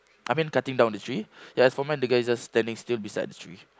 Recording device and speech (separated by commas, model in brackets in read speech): close-talking microphone, conversation in the same room